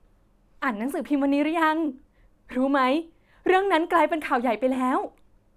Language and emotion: Thai, happy